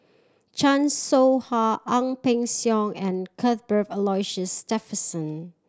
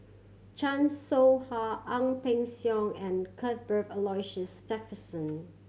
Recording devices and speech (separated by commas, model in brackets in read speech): standing microphone (AKG C214), mobile phone (Samsung C7100), read sentence